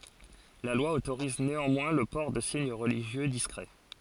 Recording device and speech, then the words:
forehead accelerometer, read sentence
La loi autorise néanmoins le port de signes religieux discrets.

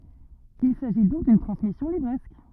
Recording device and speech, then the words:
rigid in-ear microphone, read sentence
Il s'agit donc d'une transmission livresque.

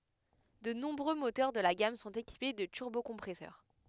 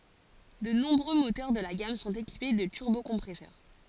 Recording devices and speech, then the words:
headset microphone, forehead accelerometer, read sentence
De nombreux moteurs de la gamme sont équipés de turbocompresseur.

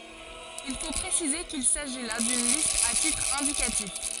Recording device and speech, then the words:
forehead accelerometer, read sentence
Il faut préciser qu'il s'agit là d'une liste à titre indicatif.

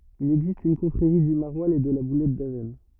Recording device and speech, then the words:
rigid in-ear microphone, read sentence
Il existe une confrérie du maroilles et de la boulette d'Avesnes.

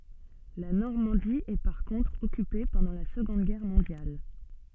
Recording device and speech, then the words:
soft in-ear microphone, read sentence
La Normandie est par contre occupée pendant la Seconde Guerre mondiale.

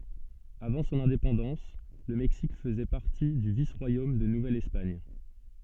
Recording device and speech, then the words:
soft in-ear microphone, read sentence
Avant son indépendance, le Mexique faisait partie du vice-royaume de Nouvelle-Espagne.

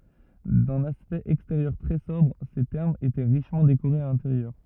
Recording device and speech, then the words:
rigid in-ear microphone, read sentence
D’un aspect extérieur très sobre, ces thermes étaient richement décorés à l’intérieur.

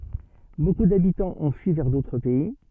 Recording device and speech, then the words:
soft in-ear microphone, read sentence
Beaucoup d'habitants ont fui vers d'autres pays.

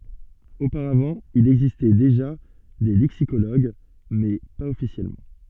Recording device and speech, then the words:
soft in-ear microphone, read sentence
Auparavant, il existait déjà des lexicologues, mais pas officiellement.

